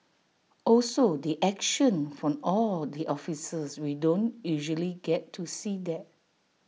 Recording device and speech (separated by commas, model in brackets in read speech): mobile phone (iPhone 6), read sentence